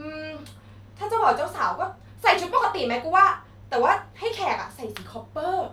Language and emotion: Thai, happy